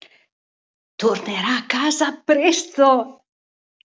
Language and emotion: Italian, happy